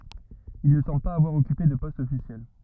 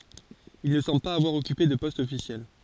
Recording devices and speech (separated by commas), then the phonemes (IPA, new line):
rigid in-ear microphone, forehead accelerometer, read sentence
il nə sɑ̃bl paz avwaʁ ɔkype də pɔst ɔfisjɛl